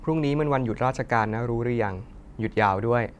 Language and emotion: Thai, neutral